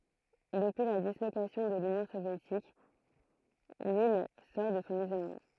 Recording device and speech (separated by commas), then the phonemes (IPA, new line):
throat microphone, read sentence
dəpyi la dislokasjɔ̃ də lynjɔ̃ sovjetik lil sɔʁ də sɔ̃ izolmɑ̃